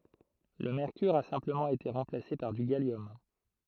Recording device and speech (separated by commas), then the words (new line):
throat microphone, read sentence
Le mercure a simplement été remplacé par du gallium.